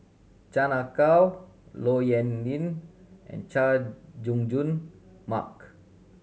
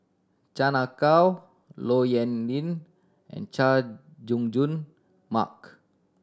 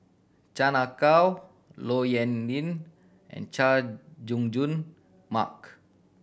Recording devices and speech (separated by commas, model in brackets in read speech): mobile phone (Samsung C7100), standing microphone (AKG C214), boundary microphone (BM630), read sentence